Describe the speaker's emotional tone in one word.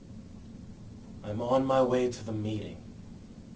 neutral